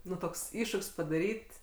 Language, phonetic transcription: Lithuanian, ˈnu ˈtoks ˈiššuk's' padaˈryt'

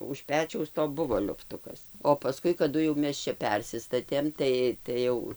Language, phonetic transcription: Lithuanian, už ˈpečiaus to ˈbuvo liufˈtukas o paˈskui kaˈdu jau ˈmes čia ˈpersistatėm ˈtai tai ˈjau

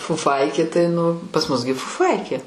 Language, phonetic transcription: Lithuanian, fuˈfaikė tai nu pas mus gi fuˈfaikė

